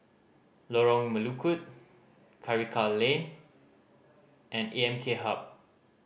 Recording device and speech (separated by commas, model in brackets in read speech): boundary microphone (BM630), read sentence